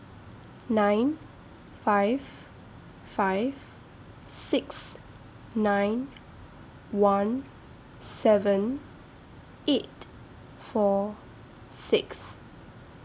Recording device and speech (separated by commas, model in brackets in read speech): standing microphone (AKG C214), read sentence